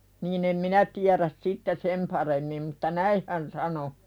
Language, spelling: Finnish, niin en minä tiedä sitten sen paremmin mutta näin hän sanoi
- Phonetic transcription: niin ‿em "minä tiäräs 'sitte "sem paremmim mutta "näih hän sano .

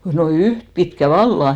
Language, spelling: Finnish, no yhtä pitkä vallan
- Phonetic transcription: no "yht pitkä "valla !

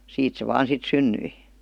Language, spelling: Finnish, siitä se vain sitten syntyi
- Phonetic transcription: siit se 'vaan sit "synnyi .

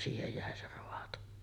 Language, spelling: Finnish, siihen jäi se raato
- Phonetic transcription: siihej jä̀e se 'roato .

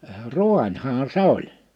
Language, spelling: Finnish, raanihan se oli
- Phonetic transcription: ruańhaa 'se ‿oĺ .

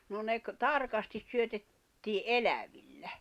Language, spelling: Finnish, no ne - tarkasti syötettiin elävillä
- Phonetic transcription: no ne ‿k- , 'tarkastis syötettii "’elävillä .

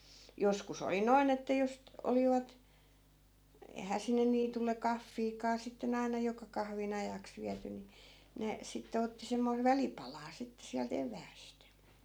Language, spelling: Finnish, joskus oli noin että jos - olivat eihän sinne niitylle kahviakaan sitten aina joka kahvin ajaksi viety niin ne sitten otti semmoista välipalaa sitten sieltä eväästä
- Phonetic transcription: 'joskus ‿oli 'noin ‿että jos t- , 'olivat , 'ei̮hää sinne 'niitulle 'kaffiikaa 'sitten ‿aina 'joka kahvin ‿ajaks 'viäty ni , 'ne , 'sitte otti semmoiv̆ "välipalaa 'sitte siält "ev̆vääst .

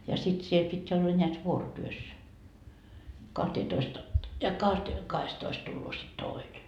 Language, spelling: Finnish, ja sitten siellä piti olla näet vuorotyössä kahteentoista - ja - kahdestatoista tulee sitten toinen
- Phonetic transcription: ja sit siel pit́ ‿olla ńeät 'vuorotyös , 'kahteetoist a- , ja kahte , 'kahestoist tulloo sit 'tòine .

